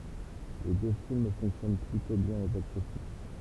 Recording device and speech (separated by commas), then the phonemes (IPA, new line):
temple vibration pickup, read sentence
le dø film fɔ̃ksjɔn plytɔ̃ bjɛ̃n o boksɔfis